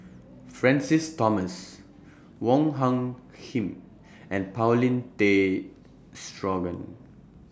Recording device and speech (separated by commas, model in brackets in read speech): standing microphone (AKG C214), read sentence